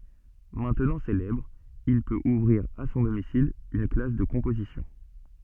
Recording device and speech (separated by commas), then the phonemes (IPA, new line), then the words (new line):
soft in-ear microphone, read sentence
mɛ̃tnɑ̃ selɛbʁ il pøt uvʁiʁ a sɔ̃ domisil yn klas də kɔ̃pozisjɔ̃
Maintenant célèbre, il peut ouvrir, à son domicile, une classe de composition.